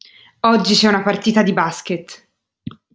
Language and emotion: Italian, neutral